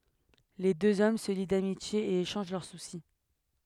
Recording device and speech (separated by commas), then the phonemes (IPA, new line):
headset microphone, read sentence
le døz ɔm sə li damitje e eʃɑ̃ʒ lœʁ susi